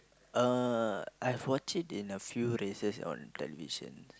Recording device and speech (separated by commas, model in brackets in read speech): close-talking microphone, conversation in the same room